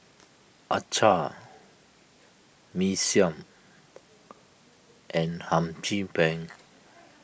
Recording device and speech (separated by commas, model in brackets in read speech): boundary microphone (BM630), read sentence